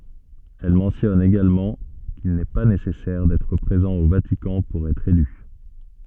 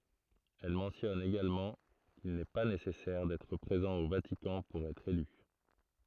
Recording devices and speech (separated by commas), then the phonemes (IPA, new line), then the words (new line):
soft in-ear microphone, throat microphone, read sentence
ɛl mɑ̃tjɔn eɡalmɑ̃ kil nɛ pa nesɛsɛʁ dɛtʁ pʁezɑ̃ o vatikɑ̃ puʁ ɛtʁ ely
Elle mentionne également qu'il n'est pas nécessaire d'être présent au Vatican pour être élu.